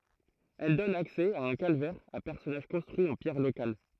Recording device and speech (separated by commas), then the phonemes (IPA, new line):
throat microphone, read sentence
ɛl dɔn aksɛ a œ̃ kalvɛʁ a pɛʁsɔnaʒ kɔ̃stʁyi ɑ̃ pjɛʁ lokal